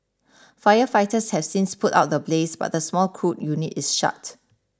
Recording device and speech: standing microphone (AKG C214), read sentence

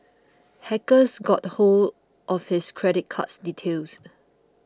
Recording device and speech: close-talking microphone (WH20), read sentence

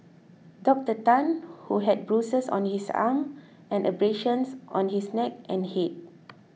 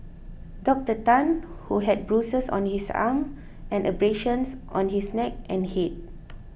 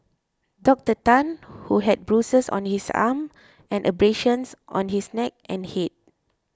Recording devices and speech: mobile phone (iPhone 6), boundary microphone (BM630), close-talking microphone (WH20), read sentence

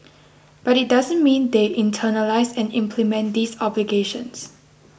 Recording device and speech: boundary microphone (BM630), read sentence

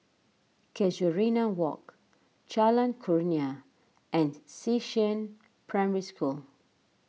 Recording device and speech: mobile phone (iPhone 6), read sentence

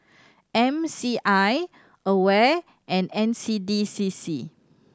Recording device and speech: standing microphone (AKG C214), read sentence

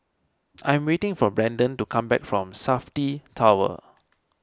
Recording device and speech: standing microphone (AKG C214), read sentence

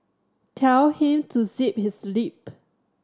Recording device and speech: standing microphone (AKG C214), read sentence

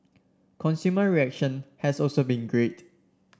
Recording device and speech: standing microphone (AKG C214), read sentence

